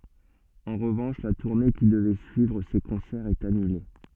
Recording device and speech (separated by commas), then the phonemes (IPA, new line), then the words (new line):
soft in-ear microphone, read sentence
ɑ̃ ʁəvɑ̃ʃ la tuʁne ki dəvɛ syivʁ se kɔ̃sɛʁz ɛt anyle
En revanche, la tournée qui devait suivre ces concerts est annulée.